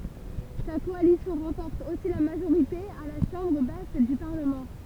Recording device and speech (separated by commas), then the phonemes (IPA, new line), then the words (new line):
temple vibration pickup, read sentence
sa kɔalisjɔ̃ ʁɑ̃pɔʁt osi la maʒoʁite a la ʃɑ̃bʁ bas dy paʁləmɑ̃
Sa coalition remporte aussi la majorité à la chambre basse du parlement.